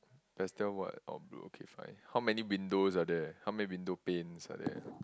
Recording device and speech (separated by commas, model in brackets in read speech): close-talking microphone, conversation in the same room